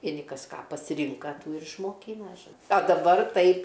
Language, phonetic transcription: Lithuanian, vieˈni ˈkas ˈką pasiˈrinka ˈtų ir išmoˈkyna žo a daˈbar ˈtaip

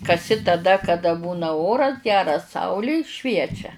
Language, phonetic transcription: Lithuanian, kaˈsi taˈda kaˈda ˈbūna ˈoras ˈgeras ˈsauli ˈšviečia

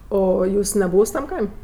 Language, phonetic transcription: Lithuanian, ˈo o ˈjūs neˈbūvs tam ˈkaim'

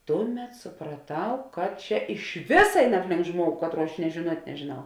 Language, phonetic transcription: Lithuanian, ˈtuˌmet supraˈtau kad ˈčia iš ˈvisa ˈein ˈapˌlink ˈžmuogu ˈkatˌruo aš nie žėˈnuot' nežėˈnau

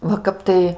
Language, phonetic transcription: Lithuanian, va ˈkap tai

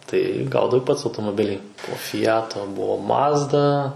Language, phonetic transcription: Lithuanian, tai ˈgaudavai ˈpats automoˈbilį po fiˈjato ˈbuvo ˈmazda

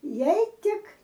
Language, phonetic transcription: Lithuanian, ˈjei ˈtik

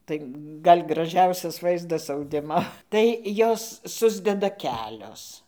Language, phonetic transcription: Lithuanian, ˈtai ˈgal' graˈžiausias ˈvaizdas auˈdimo tai ˈjos ˈsusdeda ˈkelios

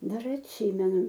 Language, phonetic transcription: Lithuanian, dar atˈsymenu

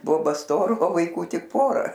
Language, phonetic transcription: Lithuanian, ˈboba ˈstora o vaiˈkų ˈtik ˈpora

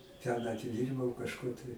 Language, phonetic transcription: Lithuanian, ten atiˈdyrbau kažˈkur tai

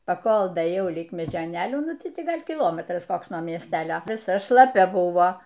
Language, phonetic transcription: Lithuanian, paˈkol daėˈjau lig mežioˈnėlių ˈnu ˈti ˈgal' kiˈlometras ˈkoks nuo miesˈtelio viˈsa šlaˈpia ˈbuvo

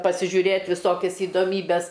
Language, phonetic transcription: Lithuanian, pasižiūˈrėt viˈsokias idoˈmybes

